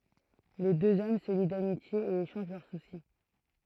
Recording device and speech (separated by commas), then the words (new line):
throat microphone, read sentence
Les deux hommes se lient d’amitié et échangent leurs soucis.